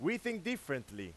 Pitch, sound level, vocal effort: 145 Hz, 96 dB SPL, very loud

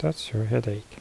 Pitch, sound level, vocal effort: 110 Hz, 70 dB SPL, soft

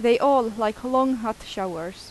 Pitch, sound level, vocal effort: 225 Hz, 87 dB SPL, loud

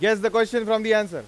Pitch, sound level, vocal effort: 220 Hz, 101 dB SPL, very loud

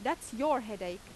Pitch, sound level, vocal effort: 260 Hz, 89 dB SPL, loud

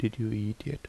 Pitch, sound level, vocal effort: 110 Hz, 73 dB SPL, soft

